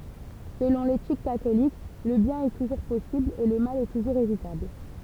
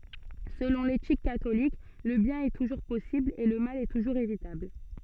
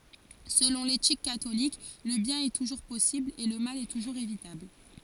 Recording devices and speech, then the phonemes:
temple vibration pickup, soft in-ear microphone, forehead accelerometer, read sentence
səlɔ̃ letik katolik lə bjɛ̃n ɛ tuʒuʁ pɔsibl e lə mal tuʒuʁz evitabl

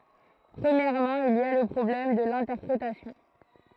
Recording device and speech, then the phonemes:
throat microphone, read sentence
pʁəmjɛʁmɑ̃ il i a lə pʁɔblɛm də lɛ̃tɛʁpʁetasjɔ̃

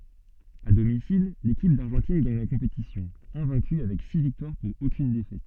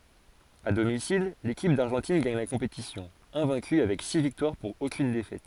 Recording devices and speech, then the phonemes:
soft in-ear microphone, forehead accelerometer, read sentence
a domisil lekip daʁʒɑ̃tin ɡaɲ la kɔ̃petisjɔ̃ ɛ̃vɛ̃ky avɛk si viktwaʁ puʁ okyn defɛt

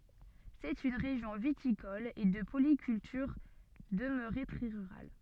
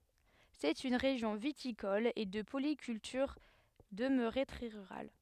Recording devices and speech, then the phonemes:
soft in-ear microphone, headset microphone, read sentence
sɛt yn ʁeʒjɔ̃ vitikɔl e də polikyltyʁ dəmøʁe tʁɛ ʁyʁal

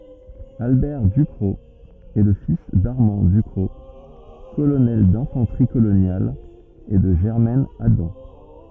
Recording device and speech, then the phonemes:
rigid in-ear microphone, read sentence
albɛʁ dykʁɔk ɛ lə fis daʁmɑ̃ dykʁɔk kolonɛl dɛ̃fɑ̃tʁi kolonjal e də ʒɛʁmɛn adɑ̃

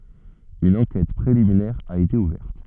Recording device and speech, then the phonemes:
soft in-ear microphone, read sentence
yn ɑ̃kɛt pʁeliminɛʁ a ete uvɛʁt

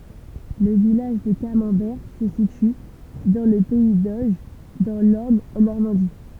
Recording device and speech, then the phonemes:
temple vibration pickup, read sentence
lə vilaʒ də kamɑ̃bɛʁ sə sity dɑ̃ lə pɛi doʒ dɑ̃ lɔʁn ɑ̃ nɔʁmɑ̃di

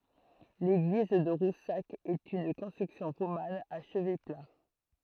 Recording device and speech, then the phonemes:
throat microphone, read sentence
leɡliz də ʁusak ɛt yn kɔ̃stʁyksjɔ̃ ʁoman a ʃəvɛ pla

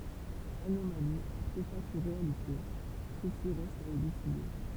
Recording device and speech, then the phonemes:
temple vibration pickup, read sentence
anomali aʁtefakt u ʁealite səsi ʁɛst a elyside

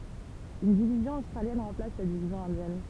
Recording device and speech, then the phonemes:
temple vibration pickup, read sentence
yn divizjɔ̃ ostʁaljɛn ʁɑ̃plas la divizjɔ̃ ɛ̃djɛn

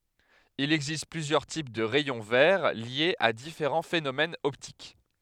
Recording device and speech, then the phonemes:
headset microphone, read sentence
il ɛɡzist plyzjœʁ tip də ʁɛjɔ̃ vɛʁ ljez a difeʁɑ̃ fenomɛnz ɔptik

